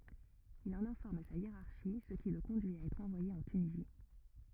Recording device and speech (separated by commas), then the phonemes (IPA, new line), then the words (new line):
rigid in-ear microphone, read sentence
il ɑ̃n ɛ̃fɔʁm sa jeʁaʁʃi sə ki lə kɔ̃dyi a ɛtʁ ɑ̃vwaje ɑ̃ tynizi
Il en informe sa hiérarchie, ce qui le conduit à être envoyé en Tunisie.